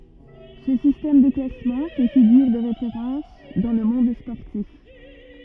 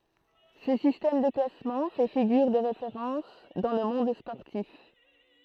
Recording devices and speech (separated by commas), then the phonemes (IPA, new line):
rigid in-ear microphone, throat microphone, read sentence
sə sistɛm də klasmɑ̃ fɛ fiɡyʁ də ʁefeʁɑ̃s dɑ̃ lə mɔ̃d spɔʁtif